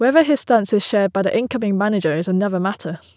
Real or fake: real